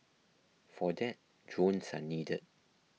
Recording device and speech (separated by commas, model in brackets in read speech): mobile phone (iPhone 6), read sentence